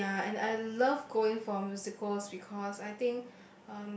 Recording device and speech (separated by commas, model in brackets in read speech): boundary microphone, conversation in the same room